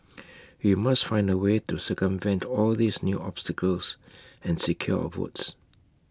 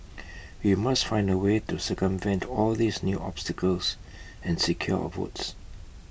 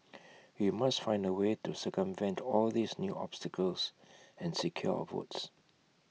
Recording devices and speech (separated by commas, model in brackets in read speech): close-talking microphone (WH20), boundary microphone (BM630), mobile phone (iPhone 6), read sentence